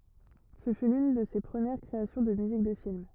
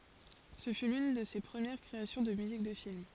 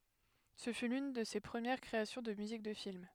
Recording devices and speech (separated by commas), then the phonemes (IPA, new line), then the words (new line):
rigid in-ear microphone, forehead accelerometer, headset microphone, read sentence
sə fy lyn də se pʁəmiʁ kʁeasjɔ̃ də myzik də film
Ce fut l'une de ses premieres créations de musique de film.